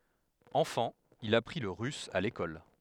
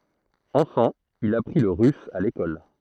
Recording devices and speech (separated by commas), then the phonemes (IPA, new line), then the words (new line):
headset microphone, throat microphone, read sentence
ɑ̃fɑ̃ il apʁi lə ʁys a lekɔl
Enfant, il apprit le russe à l'école.